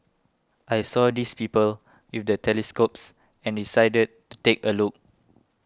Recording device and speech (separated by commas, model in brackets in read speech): close-talking microphone (WH20), read sentence